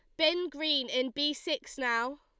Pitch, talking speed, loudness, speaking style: 290 Hz, 180 wpm, -30 LUFS, Lombard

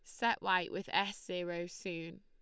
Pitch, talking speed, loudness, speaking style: 185 Hz, 180 wpm, -36 LUFS, Lombard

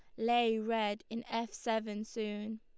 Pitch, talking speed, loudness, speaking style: 225 Hz, 150 wpm, -35 LUFS, Lombard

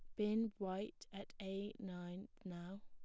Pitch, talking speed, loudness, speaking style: 200 Hz, 135 wpm, -46 LUFS, plain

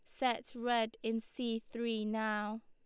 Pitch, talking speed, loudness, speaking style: 225 Hz, 145 wpm, -37 LUFS, Lombard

